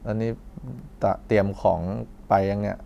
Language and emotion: Thai, neutral